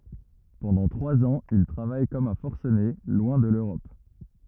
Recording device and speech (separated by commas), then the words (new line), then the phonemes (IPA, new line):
rigid in-ear microphone, read sentence
Pendant trois ans, il travaille comme un forcené, loin de l’Europe.
pɑ̃dɑ̃ tʁwaz ɑ̃z il tʁavaj kɔm œ̃ fɔʁsəne lwɛ̃ də løʁɔp